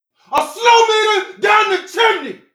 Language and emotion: English, angry